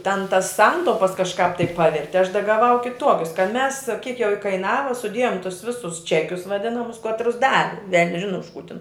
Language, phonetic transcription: Lithuanian, ten tas ˈsantaupas kažˈkāp tai ˈpaverti aš da gaˈvau kiˈtuokius kad mes kiek jau ikaiˈnava suˈdėjom tus ˈvisus ˈčekius vaˈdinamus ˈkatrus ˈdavi vel'n's' ˈžinu už kų tin

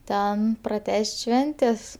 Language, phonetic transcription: Lithuanian, ˈten praˈtęs't' ˈšventės

